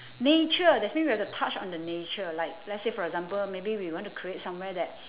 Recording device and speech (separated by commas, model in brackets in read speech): telephone, conversation in separate rooms